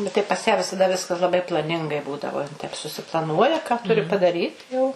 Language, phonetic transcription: Lithuanian, bet ˈtai pas ją visaˈda ˈviskas laˈbai plaˈningai ˈbūdavo jin taip susiplaˈnuoja ka ˈturi padaˈryt jau

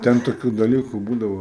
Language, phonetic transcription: Lithuanian, ˈten toˈkių daˈlyku ˈbūdavo

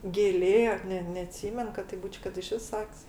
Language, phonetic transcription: Lithuanian, gėˈlė ˈne neaˈtsymen kad taip ˈbūč' kad iˈšvis ˈsak's'

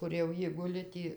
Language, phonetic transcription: Lithuanian, kur jau ˈji ˈguli ˈtį

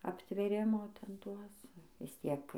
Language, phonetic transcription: Lithuanian, aptvėˈrimo ˈten ˈtuos vis ˈtiek

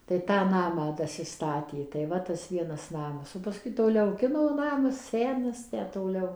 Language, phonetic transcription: Lithuanian, tai ˈtą ˈnamą ˌdasiˈstatė tai ˈva tas ˈvienas ˈnamas o paˈskui toˈliau ˈkino ˈnamas ˈsenas ˈtę toˈliau

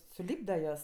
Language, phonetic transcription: Lithuanian, suˈlypda ˈjuos

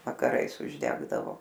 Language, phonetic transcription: Lithuanian, vakaˈrais užˈdegdavo

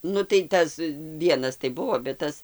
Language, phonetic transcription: Lithuanian, ˈnu tai ˈtas ˈvienas tai ˈbuvo bet ˈtas

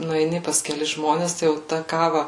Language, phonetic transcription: Lithuanian, nueiˈni pas keˈlis ˈžmones tai jau ˈta ˈkava

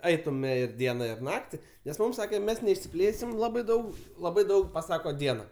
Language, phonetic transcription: Lithuanian, ˈaitume ir ˈdiena ir ˈnakti nes ˈmūm ˈsake ˈmes neišsiˈplėsim ˈlabai ˈdaug ˈlabai ˈdaug paˈsako ˈdiena

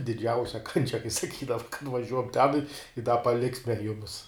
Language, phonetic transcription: Lithuanian, diˈdžiausia kanˈčia kai saˈkydava nuvaˈžiuok ten i i da paˈliksme ˈjumis

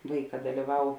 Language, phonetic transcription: Lithuanian, ˈvaiˌkā dalyˈvau

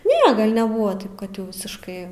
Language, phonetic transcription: Lithuanian, ˈne gal' neˈbuva ˈtaip kad jau visišˈkai

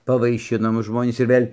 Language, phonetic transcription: Lithuanian, pavaiˈšino ˈmus ˈžmonys ir ˈvėl'

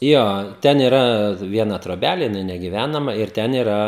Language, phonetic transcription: Lithuanian, ˈjo ˈten iˈra ˈviena troˈbælė jiˈnai negiˈvænama ir ˈten iˈra

